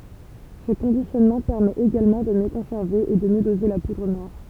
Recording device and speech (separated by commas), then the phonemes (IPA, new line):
temple vibration pickup, read sentence
sə kɔ̃disjɔnmɑ̃ pɛʁmɛt eɡalmɑ̃ də mjø kɔ̃sɛʁve e də mjø doze la pudʁ nwaʁ